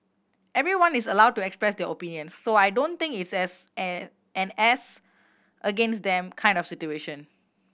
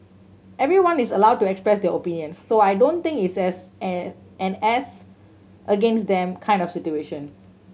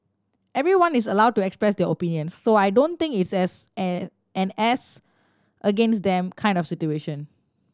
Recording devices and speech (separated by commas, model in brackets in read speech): boundary microphone (BM630), mobile phone (Samsung C7100), standing microphone (AKG C214), read sentence